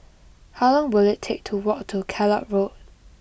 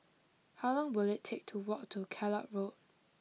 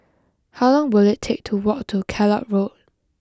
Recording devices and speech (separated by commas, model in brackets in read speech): boundary microphone (BM630), mobile phone (iPhone 6), close-talking microphone (WH20), read sentence